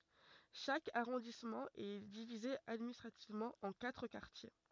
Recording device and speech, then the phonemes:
rigid in-ear microphone, read sentence
ʃak aʁɔ̃dismɑ̃ ɛ divize administʁativmɑ̃ ɑ̃ katʁ kaʁtje

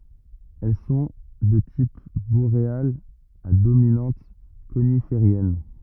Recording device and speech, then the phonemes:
rigid in-ear microphone, read sentence
ɛl sɔ̃ də tip boʁealz a dominɑ̃t konifeʁjɛn

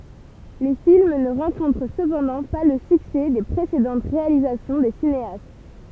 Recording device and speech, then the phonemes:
temple vibration pickup, read sentence
le film nə ʁɑ̃kɔ̃tʁ səpɑ̃dɑ̃ pa lə syksɛ de pʁesedɑ̃t ʁealizasjɔ̃ de sineast

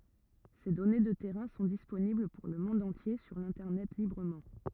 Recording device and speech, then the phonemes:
rigid in-ear microphone, read sentence
se dɔne də tɛʁɛ̃ sɔ̃ disponibl puʁ lə mɔ̃d ɑ̃tje syʁ lɛ̃tɛʁnɛt libʁəmɑ̃

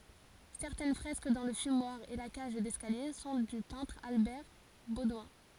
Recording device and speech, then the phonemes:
forehead accelerometer, read sentence
sɛʁtɛn fʁɛsk dɑ̃ lə fymwaʁ e la kaʒ dɛskalje sɔ̃ dy pɛ̃tʁ albɛʁ bodwɛ̃

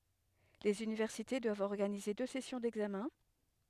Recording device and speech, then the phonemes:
headset microphone, read sentence
lez ynivɛʁsite dwavt ɔʁɡanize dø sɛsjɔ̃ dɛɡzamɛ̃

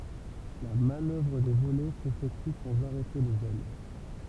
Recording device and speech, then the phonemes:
temple vibration pickup, read sentence
la manœvʁ də volɛ sefɛkty sɑ̃z aʁɛte lez ɛl

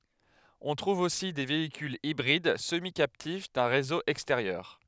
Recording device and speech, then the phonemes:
headset microphone, read sentence
ɔ̃ tʁuv osi de veikylz ibʁid səmikaptif dœ̃ ʁezo ɛksteʁjœʁ

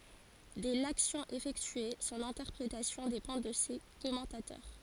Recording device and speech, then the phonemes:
forehead accelerometer, read sentence
dɛ laksjɔ̃ efɛktye sɔ̃n ɛ̃tɛʁpʁetasjɔ̃ depɑ̃ də se kɔmɑ̃tatœʁ

